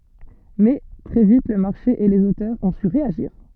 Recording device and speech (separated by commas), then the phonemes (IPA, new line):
soft in-ear microphone, read sentence
mɛ tʁɛ vit lə maʁʃe e lez otœʁz ɔ̃ sy ʁeaʒiʁ